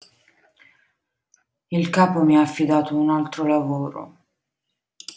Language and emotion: Italian, sad